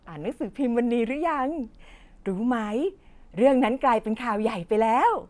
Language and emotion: Thai, happy